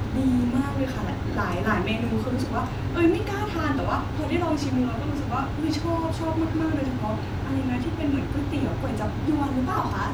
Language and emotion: Thai, happy